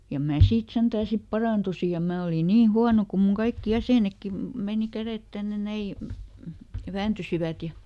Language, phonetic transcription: Finnish, ja ˈmää ˈsiit ˈsentää sip "paràntusi ja ˈmää oli ˈniin̬ "huano kum muŋ ˈkaikki "jäsènekki , ˈmèni "käret ˈtänne ˈnäi , "vääntysivät ja ,.
- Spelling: ja minä siitä sentään sitten parannuin ja minä olin niin huono kun minun kaikki jäsenetkin meni kädet tänne näin vääntyivät ja

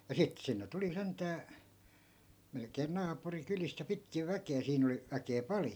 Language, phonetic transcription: Finnish, ja 'sit 'sinne tuli 'sent̀ää , melk̀een 'naapuri'kylist ja 'pitkiv 'väke₍ä 'siin ‿oli , väkee 'pal(jo) .
- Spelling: ja sitten sinne tuli sentään melkein naapurikylistä ja pitkin väkeä siinä oli väkeä paljon

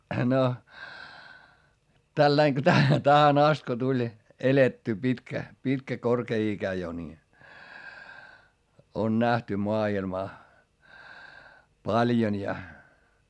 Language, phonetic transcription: Finnish, no , tällaiŋ ko tä- , tähän ‿ast ko tuĺ , elettyy pitkä , pitkä korkee ikä jo ni , on nähty moa₍ilmaa , paljon ja ,.
- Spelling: no tällä lailla kun - tähän asti kun tuli elettyä pitkä pitkä korkea ikä jo niin on nähty maailmaa paljon ja

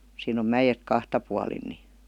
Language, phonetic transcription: Finnish, siin ‿om "mäjet "kahta pualin ni .
- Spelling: siinä on mäet kahta puolin niin

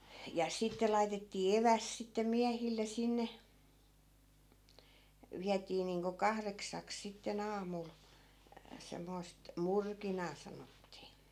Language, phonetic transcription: Finnish, ja 'sitte laitettii "eväsᵗ sitte 'miähille 'sinne , 'viätii niiŋko 'kahreksaks sitte'n ‿aamul , 'semmoi̮st , "murkinaa sanottii .
- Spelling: ja sitten laitettiin evästä sitten miehille sinne vietiin niin kuin kahdeksaksi sitten aamulla semmoista murkinaa sanottiin

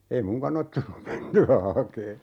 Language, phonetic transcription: Finnish, 'ei "muŋkan ‿ot 'tullum 'menty₍ä 'hakee .
- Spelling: ei minunkaan ole tullut mentyä hakemaan

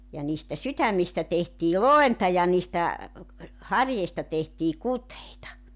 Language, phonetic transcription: Finnish, ja niistä 'sytämmistä tehtii "loenta ja niistä , 'harjeista tehtii "kuteita .
- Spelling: ja niistä sydämistä tehtiin lointa ja niistä harjeista tehtiin kuteita

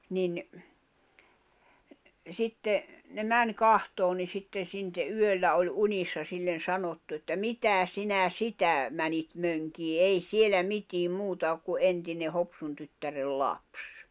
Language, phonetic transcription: Finnish, nin , 'sitte , ne "mäń "kahtoon ni sitten̬ sinte 'yöllä oĺ 'unissa 'sillen̬ 'sanottu että » "mitä "sinä "sitä , 'mänit 'möŋkii "ei "sielä 'mitiim 'muuta ok ku '’entine 'Hopsun tyttärel 'laps « .
- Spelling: niin sitten ne meni katsomaan niin sitten sitten yöllä oli unissa sille sanottu että mitä sinä sitä meni mönkimään ei siellä mitään muuta ole kuin entinen Hopsun tyttären lapsi

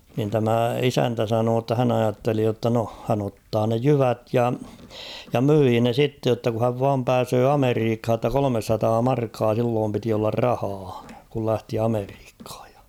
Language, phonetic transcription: Finnish, nin tämä "isäntä 'sanoo ‿tta 'hän ‿ajatteli jotta no , hän ‿ottaa ne "jyvät ja , ja "myii ne 'sitte jotta ku häv 'vaam 'pääsöö "Ameriikh̭a ‿tta 'kolomessataa 'markkaa silloom piti ollar 'rahaa , kul 'lähti 'Ameriikh̭ᴀ̀ᴊ ᴊᴀ .
- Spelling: niin tämä isäntä sanoi jotta hän ajatteli jotta no hän ottaa ne jyvät ja ja myi ne sitten jotta kun hän vain pääsee Amerikkaan jotta kolmesataa markkaa silloin piti olla rahaa kun lähti Amerikkaan ja

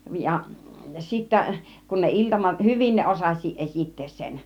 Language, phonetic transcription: Finnish, ja , 'sittä , kun ne 'iltamat , "hyvin ne 'osas͕̆s͕iiˀ 'ˀesittees sen .
- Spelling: ja sitten kun ne iltamat hyvin ne osasikin esittää sen

